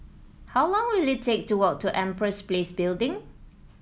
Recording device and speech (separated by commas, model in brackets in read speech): mobile phone (iPhone 7), read sentence